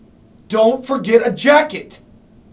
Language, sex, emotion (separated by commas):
English, male, angry